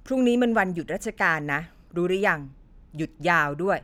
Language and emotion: Thai, frustrated